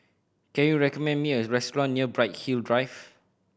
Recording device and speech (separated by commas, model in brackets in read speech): boundary microphone (BM630), read sentence